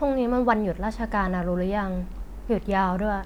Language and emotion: Thai, neutral